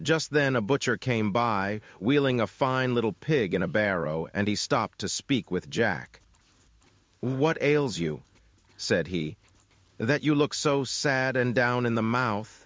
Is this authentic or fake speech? fake